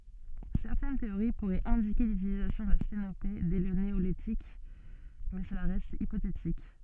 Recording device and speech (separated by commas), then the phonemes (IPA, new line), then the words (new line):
soft in-ear microphone, read sentence
sɛʁtɛn teoʁi puʁɛt ɛ̃dike lytilizasjɔ̃ də stenope dɛ lə neolitik mɛ səla ʁɛst ipotetik
Certaines théories pourraient indiquer l'utilisation de sténopés dès le néolithique, mais cela reste hypothétique.